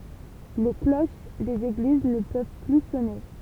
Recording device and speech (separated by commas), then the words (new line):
temple vibration pickup, read sentence
Les cloches des églises ne peuvent plus sonner.